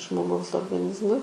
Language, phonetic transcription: Lithuanian, žmoˈgaus orgaˈnizmui

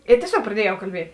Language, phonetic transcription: Lithuanian, i tieˈsiog praˈdiejau kalˈbiet'

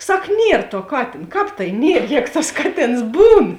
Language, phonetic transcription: Lithuanian, ˈsak ˈnier tuo ˈkatėn ˈkāp tai nierˈjēgu tas ˈkaˌtėns ˈbūn

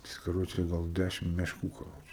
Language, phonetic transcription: Lithuanian, ˈjis kaˈroče gal ˈdæšim mešˈkų kaˈroče

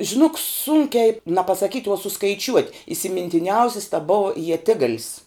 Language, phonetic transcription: Lithuanian, žiˈnok ˈsunkiai na pasaˈkyt' o suskaiˈčiuot' isimintiˈniausis ta ˈbua ieˈtigalis

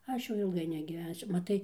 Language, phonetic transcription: Lithuanian, ˈaš jau ilˈgai negyˈvensiu maˈtai

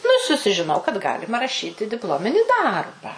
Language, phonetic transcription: Lithuanian, nu i susižiˈnau kad ˈgalima raˈšyti dipˈlomini ˈdarba

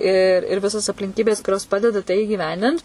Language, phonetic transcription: Lithuanian, i ir ˈvisos aplinˈkybės kuˈrios ˈpadeda tai įgiˈvendint

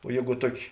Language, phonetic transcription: Lithuanian, o ˈjėgu ˈtuoˌki

